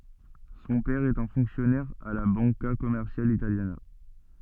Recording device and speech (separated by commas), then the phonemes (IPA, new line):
soft in-ear microphone, read sentence
sɔ̃ pɛʁ ɛt œ̃ fɔ̃ksjɔnɛʁ a la bɑ̃ka kɔmɛʁsjal italjana